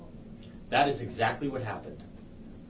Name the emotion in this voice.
neutral